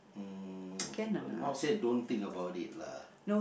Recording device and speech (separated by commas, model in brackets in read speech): boundary microphone, conversation in the same room